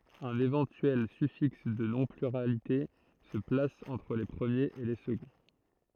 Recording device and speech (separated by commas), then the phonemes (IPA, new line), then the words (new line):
throat microphone, read sentence
œ̃n evɑ̃tyɛl syfiks də nɔ̃ plyʁalite sə plas ɑ̃tʁ le pʁəmjez e le səɡɔ̃
Un éventuel suffixe de non pluralité se place entre les premiers et les seconds.